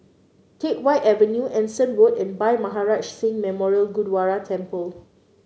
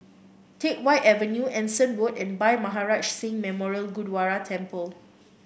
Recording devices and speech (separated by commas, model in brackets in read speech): mobile phone (Samsung C9), boundary microphone (BM630), read sentence